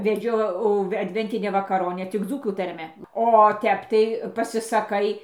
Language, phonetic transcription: Lithuanian, veˈdžiau adˈventinę vakaˈronę tik ˈdzūkų tarˈme o ˈtep tai pasisaˈkai

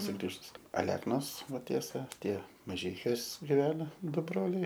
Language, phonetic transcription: Lithuanian, suˈgrįžus aˈleknos ˈva ˈtiesa ˈtie maˈžeikiuos giˈvena ˈdu ˈbroliai

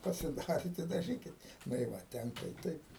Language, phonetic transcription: Lithuanian, pasiˈdarit i daˈžykit nu i ˈva ˈtenka i ˈtaip

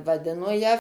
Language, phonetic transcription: Lithuanian, vaˈdino ją

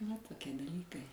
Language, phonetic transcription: Lithuanian, va toˈkie daˈlykai

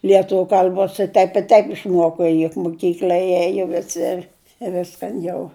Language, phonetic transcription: Lithuanian, lieˈtuviu kal'ˈbos i ˈtaip i ˈtaip išˈmuoko juk moˈkykl'a ˈėjo jie viˈsi i ˈviskan jau

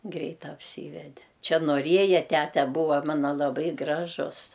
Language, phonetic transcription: Lithuanian, ˈgreit apˈsyvede ˈčia noˈrieja ˈtæte ˈbūva ˈmana laˈbai ˈgražus

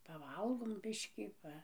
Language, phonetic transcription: Lithuanian, paˈvalgom ˈbiškį ˈpa

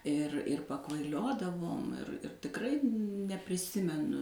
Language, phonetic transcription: Lithuanian, ir ir pakvaiˈliodavom ir ir tikˈrai nepriˈsimenu

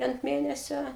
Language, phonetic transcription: Lithuanian, ant ˈmėnesio

